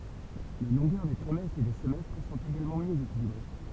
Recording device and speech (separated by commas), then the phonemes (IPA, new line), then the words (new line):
temple vibration pickup, read sentence
le lɔ̃ɡœʁ de tʁimɛstʁz e de səmɛstʁ sɔ̃t eɡalmɑ̃ mjø ekilibʁe
Les longueurs des trimestres et des semestres sont également mieux équilibrées.